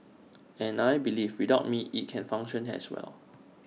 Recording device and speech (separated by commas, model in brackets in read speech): mobile phone (iPhone 6), read sentence